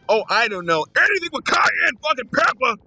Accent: with a gravelly Southern drawl